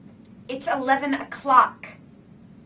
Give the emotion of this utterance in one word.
angry